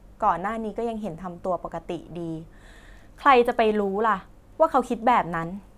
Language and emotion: Thai, frustrated